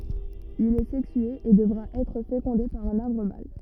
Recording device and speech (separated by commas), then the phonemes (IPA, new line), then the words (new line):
rigid in-ear microphone, read sentence
il ɛ sɛksye e dəvʁa ɛtʁ fekɔ̃de paʁ œ̃n aʁbʁ mal
Il est sexué et devra être fécondé par un arbre mâle.